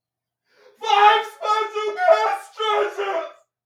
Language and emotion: English, sad